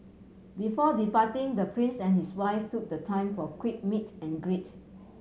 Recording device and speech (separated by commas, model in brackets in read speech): mobile phone (Samsung C7100), read sentence